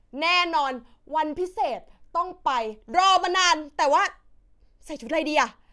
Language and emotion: Thai, happy